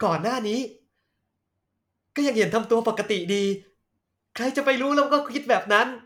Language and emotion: Thai, happy